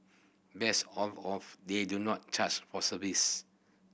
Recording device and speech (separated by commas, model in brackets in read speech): boundary microphone (BM630), read sentence